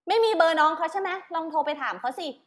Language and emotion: Thai, frustrated